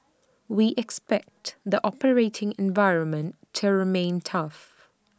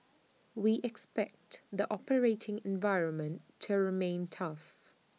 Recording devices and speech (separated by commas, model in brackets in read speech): standing microphone (AKG C214), mobile phone (iPhone 6), read sentence